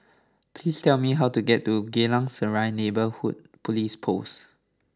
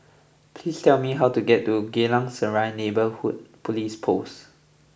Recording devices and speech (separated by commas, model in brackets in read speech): standing microphone (AKG C214), boundary microphone (BM630), read sentence